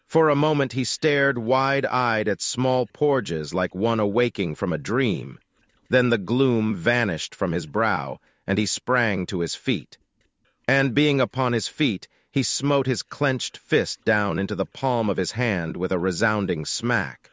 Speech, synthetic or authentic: synthetic